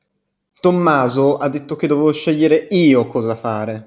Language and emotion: Italian, angry